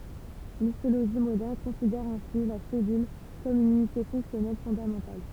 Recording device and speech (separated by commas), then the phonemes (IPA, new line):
temple vibration pickup, read sentence
listoloʒi modɛʁn kɔ̃sidɛʁ ɛ̃si la sɛlyl kɔm yn ynite fɔ̃ksjɔnɛl fɔ̃damɑ̃tal